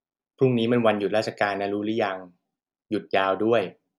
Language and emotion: Thai, neutral